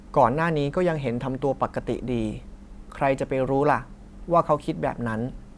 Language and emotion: Thai, frustrated